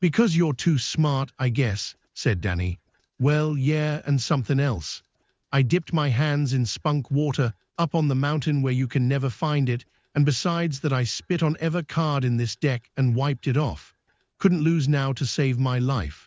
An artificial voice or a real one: artificial